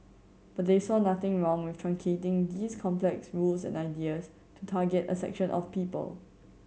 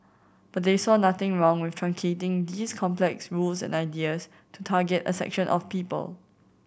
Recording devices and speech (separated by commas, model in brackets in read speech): mobile phone (Samsung C7100), boundary microphone (BM630), read sentence